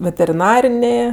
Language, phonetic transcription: Lithuanian, veteriˈnarinė

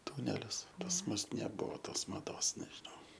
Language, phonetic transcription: Lithuanian, ˈtunelis pas ˈmus neˈbuvo ˈtos maˈdos nežiˈnau

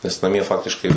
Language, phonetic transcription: Lithuanian, nes naˈmie ˈfaktiškai

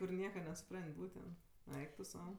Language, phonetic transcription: Lithuanian, kur ˈnieka nesuˈpran't' ˈbūtent ˈeik tu ˈsau

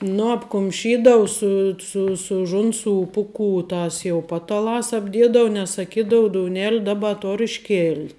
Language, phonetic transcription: Lithuanian, ˈnu apkumˈšydau ˈsu su su ˈžunˌsų ˈpuˌkų ˈtas jau ˈpataˌlās apˈdiedavu nes saˈkydau douˈneli ˈdaˌba ˈtor išˈkėlt'

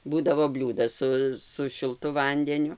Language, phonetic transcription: Lithuanian, ˈbūdavo ˈbliūdas ˈsu su šilˈtu ˈvandeniu

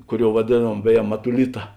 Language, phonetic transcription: Lithuanian, ˈkuˌriou vaˈdėˌnuom ˈbeˌje matuˈlita

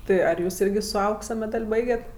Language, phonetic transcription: Lithuanian, ˈtɜ ar ˈjūs ˈirgi su ˈauksa meˈdal' ˈbaiget'

